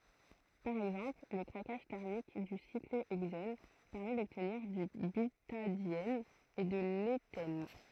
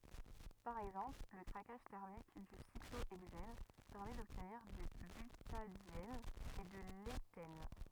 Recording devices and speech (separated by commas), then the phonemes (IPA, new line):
throat microphone, rigid in-ear microphone, read sentence
paʁ ɛɡzɑ̃pl lə kʁakaʒ tɛʁmik dy sikloɛɡzɛn pɛʁmɛ dɔbtniʁ dy bytadjɛn e də letɛn